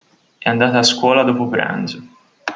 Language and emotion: Italian, neutral